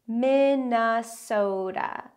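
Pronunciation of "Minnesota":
'Minnesota' has four syllables, with stress on the first and third. The e in it reduces to a schwa, and the t is a tap that sounds like a d.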